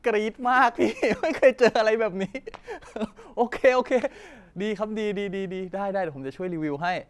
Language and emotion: Thai, happy